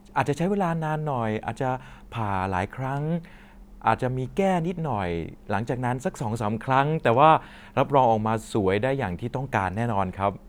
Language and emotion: Thai, neutral